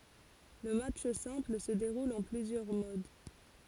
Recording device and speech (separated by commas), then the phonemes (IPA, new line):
forehead accelerometer, read sentence
lə matʃ sɛ̃pl sə deʁul ɑ̃ plyzjœʁ mod